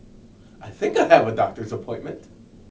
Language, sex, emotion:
English
male
neutral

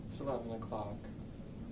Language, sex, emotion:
English
male
sad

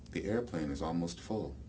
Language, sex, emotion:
English
male
neutral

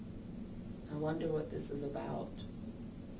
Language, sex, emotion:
English
female
fearful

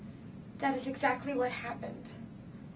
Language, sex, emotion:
English
female
fearful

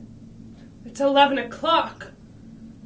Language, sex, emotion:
English
female
angry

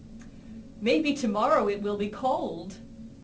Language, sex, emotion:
English
female
happy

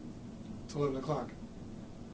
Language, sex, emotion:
English
male
neutral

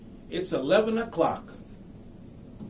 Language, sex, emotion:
English
male
happy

